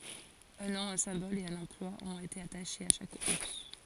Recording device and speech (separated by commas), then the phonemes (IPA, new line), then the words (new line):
forehead accelerometer, read sentence
œ̃ nɔ̃ œ̃ sɛ̃bɔl e œ̃n ɑ̃plwa ɔ̃t ete ataʃez a ʃak uʁs
Un nom, un symbole et un emploi ont été attachés à chaque ours.